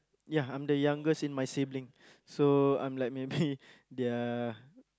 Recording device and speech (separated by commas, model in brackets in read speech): close-talking microphone, conversation in the same room